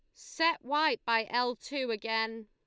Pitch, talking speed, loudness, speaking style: 240 Hz, 160 wpm, -31 LUFS, Lombard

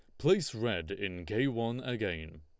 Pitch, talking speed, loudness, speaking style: 115 Hz, 165 wpm, -33 LUFS, Lombard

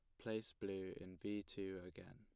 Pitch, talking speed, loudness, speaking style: 100 Hz, 185 wpm, -48 LUFS, plain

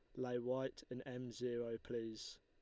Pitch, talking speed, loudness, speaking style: 125 Hz, 165 wpm, -45 LUFS, Lombard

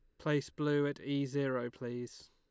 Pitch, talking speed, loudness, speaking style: 140 Hz, 170 wpm, -36 LUFS, Lombard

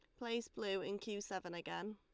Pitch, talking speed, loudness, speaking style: 205 Hz, 205 wpm, -44 LUFS, Lombard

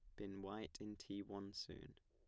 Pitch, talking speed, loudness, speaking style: 100 Hz, 200 wpm, -51 LUFS, plain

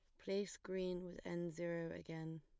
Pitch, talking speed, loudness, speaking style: 175 Hz, 165 wpm, -46 LUFS, plain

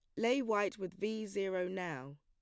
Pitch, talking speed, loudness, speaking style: 190 Hz, 180 wpm, -37 LUFS, plain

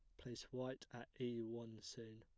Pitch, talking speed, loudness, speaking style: 120 Hz, 180 wpm, -50 LUFS, plain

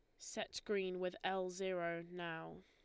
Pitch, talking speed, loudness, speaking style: 180 Hz, 150 wpm, -43 LUFS, Lombard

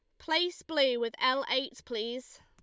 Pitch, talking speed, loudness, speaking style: 260 Hz, 160 wpm, -30 LUFS, Lombard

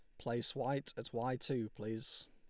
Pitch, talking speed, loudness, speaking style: 120 Hz, 170 wpm, -40 LUFS, Lombard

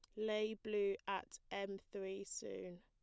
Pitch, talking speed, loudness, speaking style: 200 Hz, 135 wpm, -44 LUFS, plain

